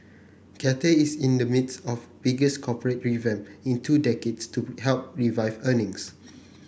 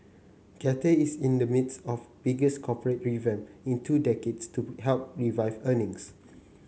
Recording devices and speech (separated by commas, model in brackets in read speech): boundary microphone (BM630), mobile phone (Samsung C9), read sentence